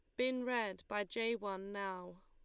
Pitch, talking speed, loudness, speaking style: 205 Hz, 175 wpm, -40 LUFS, Lombard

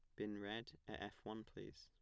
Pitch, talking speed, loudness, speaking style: 105 Hz, 225 wpm, -51 LUFS, plain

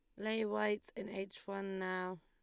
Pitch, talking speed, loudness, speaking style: 195 Hz, 180 wpm, -40 LUFS, Lombard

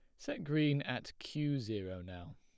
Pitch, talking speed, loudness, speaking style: 125 Hz, 165 wpm, -38 LUFS, plain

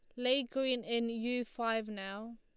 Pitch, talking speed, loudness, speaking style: 235 Hz, 165 wpm, -35 LUFS, Lombard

